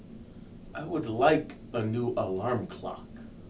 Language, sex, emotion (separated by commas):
English, male, angry